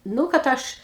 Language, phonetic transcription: Lithuanian, ˈnu kad ˈaš

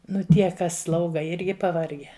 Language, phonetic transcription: Lithuanian, ˈnu ˈtie ˈkas ˈslauga ˈirgi paˈvargę

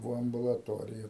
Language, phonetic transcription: Lithuanian, ˈvo ambulaˈtorija

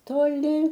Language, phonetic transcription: Lithuanian, toˈli

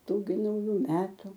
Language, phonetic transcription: Lithuanian, ˈtų gi nauˈjų ˈmetu

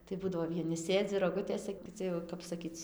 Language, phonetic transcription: Lithuanian, tai ˈbūdavo vieˈni ˈsėdzi roˈgutėse kiˈci jau kap saˈkyc

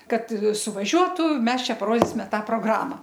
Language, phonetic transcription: Lithuanian, ˈkad suvaˈžiuotu ˈmes ˈčia paˈrodysime ˈtą proˈgrama

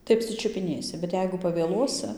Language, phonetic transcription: Lithuanian, tai apsičiupiˈnėsi bet ˈjeigu pavėˈluosɨ

